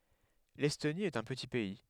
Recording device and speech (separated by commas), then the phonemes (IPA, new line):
headset microphone, read sentence
lɛstoni ɛt œ̃ pəti pɛi